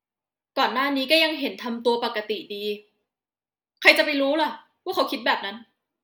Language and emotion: Thai, angry